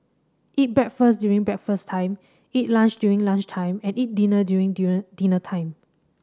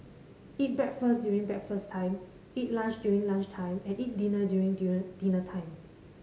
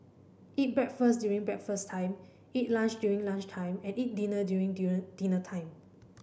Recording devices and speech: standing microphone (AKG C214), mobile phone (Samsung C5010), boundary microphone (BM630), read sentence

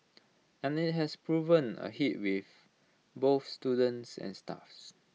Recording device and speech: mobile phone (iPhone 6), read sentence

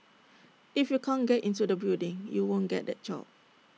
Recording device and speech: mobile phone (iPhone 6), read sentence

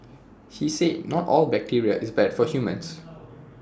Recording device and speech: standing microphone (AKG C214), read sentence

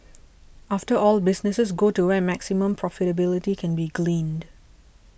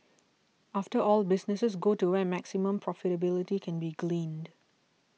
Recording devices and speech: boundary microphone (BM630), mobile phone (iPhone 6), read sentence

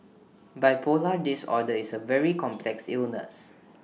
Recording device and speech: mobile phone (iPhone 6), read sentence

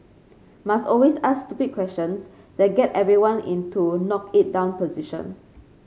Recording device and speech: mobile phone (Samsung C5), read sentence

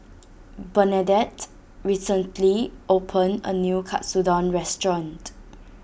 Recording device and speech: boundary microphone (BM630), read sentence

